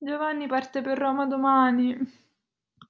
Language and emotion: Italian, sad